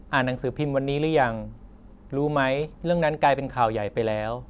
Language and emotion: Thai, neutral